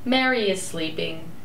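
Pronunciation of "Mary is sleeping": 'Mary is sleeping' is said with two stresses, and the voice goes down.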